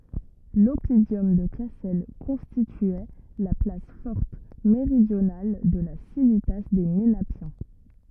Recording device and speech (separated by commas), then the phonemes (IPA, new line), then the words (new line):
rigid in-ear microphone, read sentence
lɔpidɔm də kasɛl kɔ̃stityɛ la plas fɔʁt meʁidjonal də la sivita de menapjɛ̃
L'oppidum de Cassel constituait la place forte méridionale de la civitas des Ménapiens.